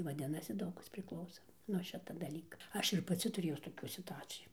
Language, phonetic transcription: Lithuanian, vaˈdinasi ˈdaug ˈkas prikˈlauso nuo ˈšita daˈlyka ˈaš ir paˈci turėjus toˈkių situˈacijų

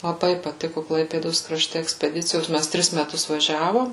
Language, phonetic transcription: Lithuanian, laˈbai paˈtiku ˈklaipėdos kraˈšte ekspeˈdicijos ˈmæs ˈtris meˈtus vaˈžiavom

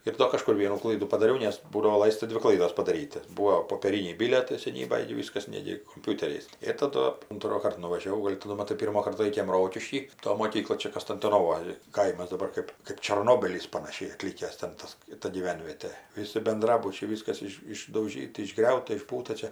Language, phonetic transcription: Lithuanian, ir ˈdo kaˈžkur ˈvienų ˈklaidų padaˈriau nes ˈbūdavo ˈlaista ˈdvi ˈklaidos padaˈryt' ti ˈbūo popėˈryniai ˈbilietai seˈnybaj gi ˈviskas ˈnegi komˈpiuteriais ir taˈdu untroˈkart nuvažiaˈvau ˈgol' ti nu maˈtai ˈpyrmokart ˈlaikėm ˈrokišky ˈto moˈkykloj ˈčia kastintonoˈvoj ˈkaimas daˈbar kɜp kɜp čarˈnobylys panaˈšiai aˈtlykęs ten ˈtas ˈta gyˈvenvietė ˈvisi benˈdrabučiai ˈvyskas ˈiš išdauˈžyta išˈgriauta išˈbūta ˈčia

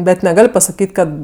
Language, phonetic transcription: Lithuanian, bet neˈgal' pasaˈkyt' ˈkad

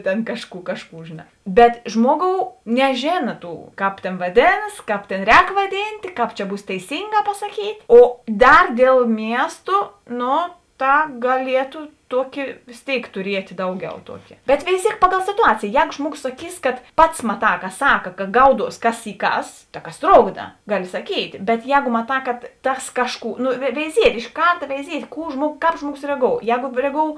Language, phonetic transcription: Lithuanian, tėn ˈkašˌkų ˈkašˌkų žėˈnā bet ˈžmuoˌgou neˈžėna ˈtų ˈkāp tėn vaˈdėnas ˈkāp tėn ˈrēk vaˈdyntė ˈkāp čia ˈbūs teiˈsynˌgā pasaˈkyt' ˈo ˈdar dėl ˈmiestu ˈno ˈta gaˈlietu ˈtuoki vės ˈtėik tuˈriet' ˈdauˌgiau ˈtuoki bet veiˈziek paˌgal situˈacėjė ˈjego ˈžmuoˌgos saˈkys kad ˈpats maˈtā ka ˈsaka ka ˈgauˌduos ˈkas y ˈkas ta ˈkas ˈtrokda ˈgaˌli saˈkyt' bet ˈjēgo maˈtā kad ˈtas ˈkašˌkų no veiˈziet' iš ˈkarta veiˈziet' ˈkų ˈžmuogos ˈkāp ˈžmuoˌgos reaˈgou ˈjego reaˈgou

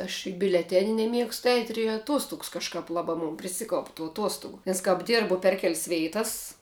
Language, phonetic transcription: Lithuanian, aš i biuleˈteni neˈmiegstu eit' ir i aˈtuostugs kažˈkap ˈlabā mun priˈsikaup tų aˈtuostugu nes kap ˈdirbu per kel's' ˈveitas

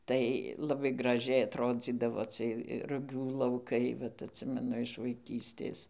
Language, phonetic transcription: Lithuanian, ˈtai laˈbai graˈžiai atˈrodzydavo ˈcɨɜj ruˈgių lauˈkai ˈvat atˈsimenu iš vaiˈkystės

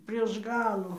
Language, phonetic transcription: Lithuanian, prieš ˈgalu

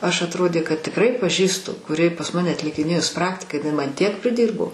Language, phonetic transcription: Lithuanian, ˈaš atˈrodė kad tikˈrai paˈžįstu kuˈri pas ˈmane atlikiˈnėjus ˈpraktika jiˈnai ˈman ˈtiek priˈdyrbo

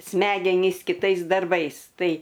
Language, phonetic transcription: Lithuanian, ˈsmegenys kiˈtais darˈbais ˈtai

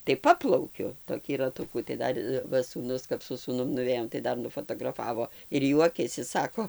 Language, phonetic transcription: Lithuanian, tai ˈpaplaukiu toˈkį raˈtukų tai ˈdar ˈva sūˈnus kap su sūˈnum nuˈvėjom tai ˈdar nufatagraˈfavo ir ˈjuokiasi ˈsako

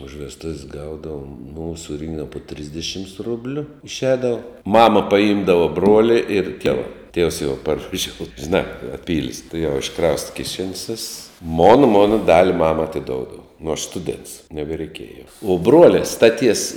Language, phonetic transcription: Lithuanian, už vesˈtuv's' ˈgaudavom nū suˈrynkdava po ˈtrisdišims ˈrubliu išˈēdavo ˈmama paˈymdava ˈbruolia ir ˈtieva tievs jau parvaˈžiou žiˈnā paˈpyl's' tuˈjau išˈkrausta kiˈšen's' viss mon ˈmona ˈdali ˈmama atiˈdoudava nu aš ˈstudents nebereiˈkėja jau uo ˈbruolia staˈties

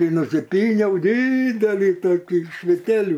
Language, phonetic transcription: Lithuanian, nusiˈpyniau ˈdydelį toˈkį iš viˈteliu

